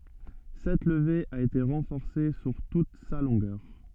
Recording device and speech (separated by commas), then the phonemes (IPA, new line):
soft in-ear microphone, read sentence
sɛt ləve a ete ʁɑ̃fɔʁse syʁ tut sa lɔ̃ɡœʁ